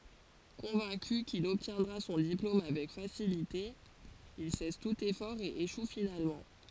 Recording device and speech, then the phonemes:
forehead accelerometer, read sentence
kɔ̃vɛ̃ky kil ɔbtjɛ̃dʁa sɔ̃ diplom avɛk fasilite il sɛs tut efɔʁ e eʃu finalmɑ̃

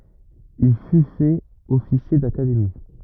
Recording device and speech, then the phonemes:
rigid in-ear microphone, read sentence
il fy fɛt ɔfisje dakademi

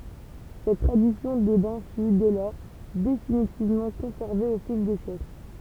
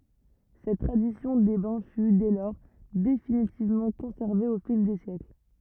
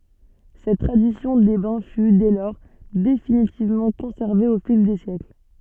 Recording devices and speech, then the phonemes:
temple vibration pickup, rigid in-ear microphone, soft in-ear microphone, read sentence
sɛt tʁadisjɔ̃ de bɛ̃ fy dɛ lɔʁ definitivmɑ̃ kɔ̃sɛʁve o fil de sjɛkl

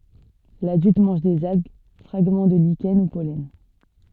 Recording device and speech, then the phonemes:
soft in-ear microphone, read sentence
ladylt mɑ̃ʒ dez alɡ fʁaɡmɑ̃ də liʃɛn u pɔlɛn

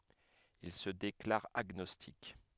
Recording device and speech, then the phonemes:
headset microphone, read sentence
il sə deklaʁ aɡnɔstik

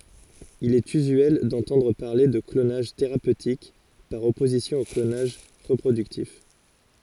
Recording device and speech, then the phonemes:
forehead accelerometer, read sentence
il ɛt yzyɛl dɑ̃tɑ̃dʁ paʁle də klonaʒ teʁapøtik paʁ ɔpozisjɔ̃ o klonaʒ ʁəpʁodyktif

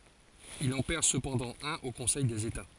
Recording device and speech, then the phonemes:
forehead accelerometer, read sentence
il ɑ̃ pɛʁ səpɑ̃dɑ̃ œ̃n o kɔ̃sɛj dez eta

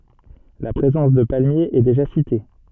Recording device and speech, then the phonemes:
soft in-ear microphone, read sentence
la pʁezɑ̃s də palmjez ɛ deʒa site

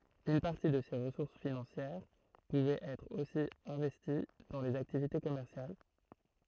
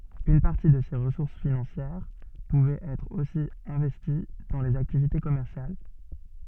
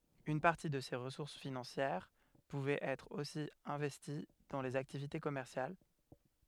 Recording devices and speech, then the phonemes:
throat microphone, soft in-ear microphone, headset microphone, read sentence
yn paʁti də se ʁəsuʁs finɑ̃sjɛʁ puvɛt ɛtʁ osi ɛ̃vɛsti dɑ̃ lez aktivite kɔmɛʁsjal

